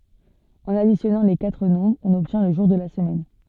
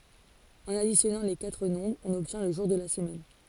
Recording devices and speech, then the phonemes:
soft in-ear microphone, forehead accelerometer, read sentence
ɑ̃n adisjɔnɑ̃ le katʁ nɔ̃bʁz ɔ̃n ɔbtjɛ̃ lə ʒuʁ də la səmɛn

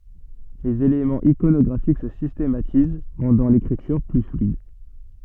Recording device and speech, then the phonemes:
soft in-ear microphone, read sentence
lez elemɑ̃z ikonɔɡʁafik sə sistematiz ʁɑ̃dɑ̃ lekʁityʁ ply flyid

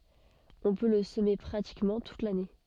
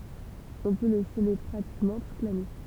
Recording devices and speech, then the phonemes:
soft in-ear microphone, temple vibration pickup, read sentence
ɔ̃ pø lə səme pʁatikmɑ̃ tut lane

